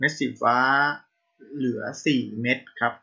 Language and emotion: Thai, neutral